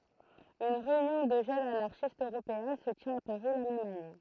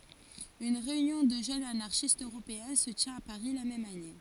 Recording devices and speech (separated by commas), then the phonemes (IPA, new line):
throat microphone, forehead accelerometer, read sentence
yn ʁeynjɔ̃ də ʒønz anaʁʃistz øʁopeɛ̃ sə tjɛ̃t a paʁi la mɛm ane